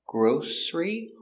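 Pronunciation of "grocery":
'Grocery' is said with an s sound, not a sh sound. It has two syllables, with the stress on the first.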